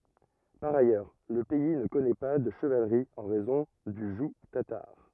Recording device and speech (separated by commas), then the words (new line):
rigid in-ear microphone, read sentence
Par ailleurs, le pays ne connaît pas de chevalerie en raison du joug tatar.